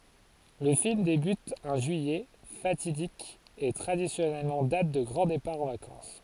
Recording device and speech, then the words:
forehead accelerometer, read sentence
Le film débute un juillet, fatidique et traditionnelle date de grand départ en vacances.

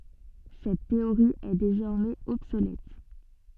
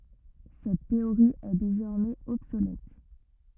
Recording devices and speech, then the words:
soft in-ear microphone, rigid in-ear microphone, read sentence
Cette théorie est désormais obsolète.

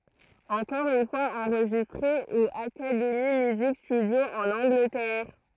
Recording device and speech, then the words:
throat microphone, read sentence
Encore une fois enregistré au Academy Music Studio en Angleterre.

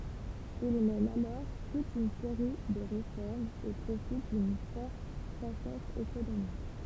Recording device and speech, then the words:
temple vibration pickup, read sentence
Il mène alors toute une série de réformes et profite d'une forte croissance économique.

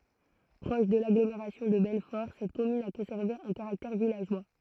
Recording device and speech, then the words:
throat microphone, read sentence
Proche de l'agglomération de Belfort, cette commune a conservé un caractère villageois.

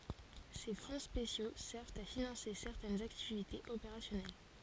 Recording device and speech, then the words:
forehead accelerometer, read sentence
Ces fonds spéciaux servent à financer certaines activités opérationnelles.

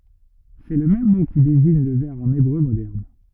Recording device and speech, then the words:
rigid in-ear microphone, read sentence
C'est le même mot qui désigne le verre en hébreu moderne.

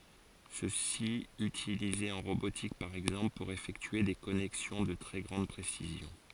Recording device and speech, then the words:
forehead accelerometer, read sentence
Ceci utilisé en robotique par exemple pour effectuer des connexions de très grande précision.

